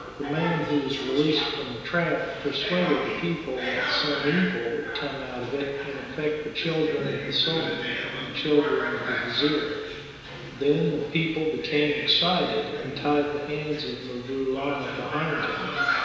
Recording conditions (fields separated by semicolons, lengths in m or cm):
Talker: one person; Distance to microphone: 1.7 m; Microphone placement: close; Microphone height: 1.0 m; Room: very reverberant, large; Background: television